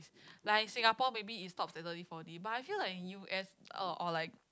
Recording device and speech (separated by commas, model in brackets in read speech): close-talking microphone, conversation in the same room